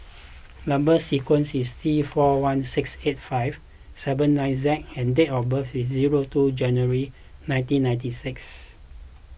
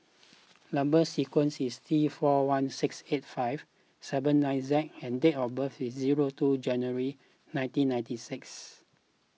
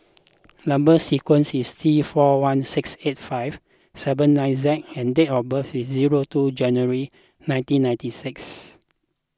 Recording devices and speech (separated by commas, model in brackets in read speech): boundary microphone (BM630), mobile phone (iPhone 6), close-talking microphone (WH20), read sentence